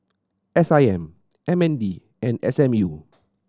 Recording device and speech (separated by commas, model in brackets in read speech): standing microphone (AKG C214), read sentence